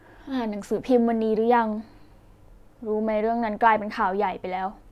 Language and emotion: Thai, sad